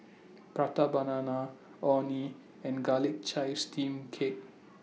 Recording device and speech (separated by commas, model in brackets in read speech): mobile phone (iPhone 6), read sentence